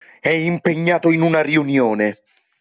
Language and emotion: Italian, angry